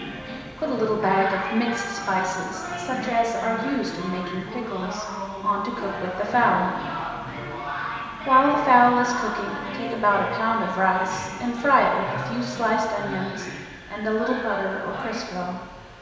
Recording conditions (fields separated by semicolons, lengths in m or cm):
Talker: one person; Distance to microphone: 1.7 m; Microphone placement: close; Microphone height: 1.0 m; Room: very reverberant, large; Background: television